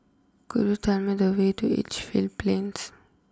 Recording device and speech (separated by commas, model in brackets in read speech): close-talking microphone (WH20), read sentence